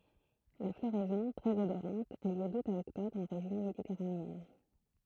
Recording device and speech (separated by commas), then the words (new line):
throat microphone, read sentence
La floraison, très odorante, a lieu d’août à octobre en région méditerranéenne.